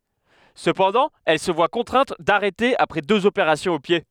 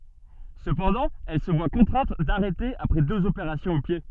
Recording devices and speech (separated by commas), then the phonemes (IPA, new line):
headset microphone, soft in-ear microphone, read sentence
səpɑ̃dɑ̃ ɛl sə vwa kɔ̃tʁɛ̃t daʁɛte apʁɛ døz opeʁasjɔ̃z o pje